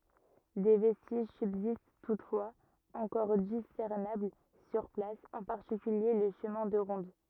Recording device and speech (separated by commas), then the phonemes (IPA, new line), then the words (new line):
rigid in-ear microphone, read sentence
de vɛstiʒ sybzist tutfwaz ɑ̃kɔʁ disɛʁnabl syʁ plas ɑ̃ paʁtikylje lə ʃəmɛ̃ də ʁɔ̃d
Des vestiges subsistent toutefois, encore discernables sur place, en particulier le chemin de ronde.